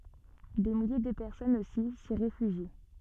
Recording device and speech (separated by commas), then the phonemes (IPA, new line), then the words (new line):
soft in-ear microphone, read sentence
de milje də pɛʁsɔnz osi si ʁefyʒi
Des milliers de personnes aussi s'y réfugient.